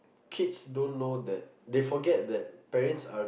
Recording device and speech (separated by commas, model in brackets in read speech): boundary microphone, conversation in the same room